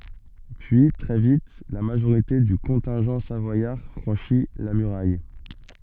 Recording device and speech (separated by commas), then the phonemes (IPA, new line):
soft in-ear microphone, read sentence
pyi tʁɛ vit la maʒoʁite dy kɔ̃tɛ̃ʒɑ̃ savwajaʁ fʁɑ̃ʃi la myʁaj